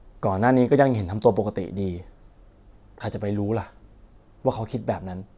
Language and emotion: Thai, sad